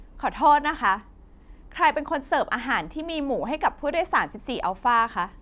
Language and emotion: Thai, angry